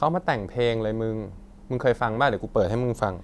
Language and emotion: Thai, neutral